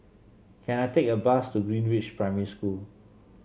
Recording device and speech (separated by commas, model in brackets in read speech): mobile phone (Samsung C7), read sentence